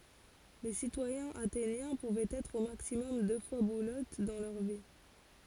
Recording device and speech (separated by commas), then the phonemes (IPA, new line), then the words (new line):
forehead accelerometer, read sentence
le sitwajɛ̃z atenjɛ̃ puvɛt ɛtʁ o maksimɔm dø fwa buløt dɑ̃ lœʁ vi
Les citoyens athéniens pouvaient être au maximum deux fois bouleutes dans leur vie.